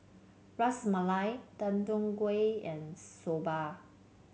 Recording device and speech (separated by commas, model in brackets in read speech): mobile phone (Samsung C7), read sentence